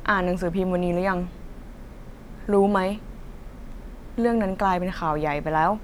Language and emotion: Thai, frustrated